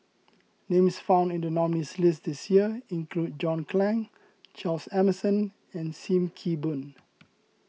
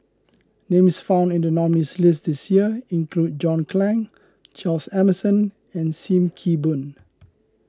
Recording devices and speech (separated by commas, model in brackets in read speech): mobile phone (iPhone 6), close-talking microphone (WH20), read sentence